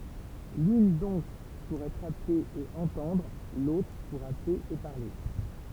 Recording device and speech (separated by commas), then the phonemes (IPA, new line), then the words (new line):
temple vibration pickup, read sentence
lyn dɔ̃k puʁ ɛtʁ aple e ɑ̃tɑ̃dʁ lotʁ puʁ aple e paʁle
L'une donc pour être appelé et entendre, l'autre pour appeler et parler.